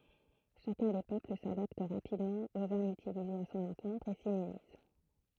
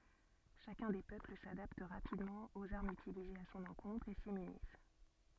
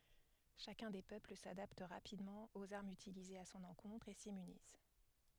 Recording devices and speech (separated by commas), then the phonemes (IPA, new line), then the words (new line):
throat microphone, soft in-ear microphone, headset microphone, read sentence
ʃakœ̃ de pøpl sadapt ʁapidmɑ̃ oz aʁmz ytilizez a sɔ̃n ɑ̃kɔ̃tʁ e simmyniz
Chacun des peuples s'adapte rapidement aux armes utilisées à son encontre et s'immunise.